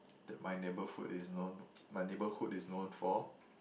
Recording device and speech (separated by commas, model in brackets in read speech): boundary microphone, conversation in the same room